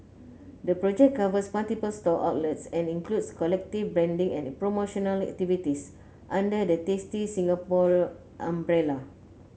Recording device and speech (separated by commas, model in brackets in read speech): mobile phone (Samsung C9), read sentence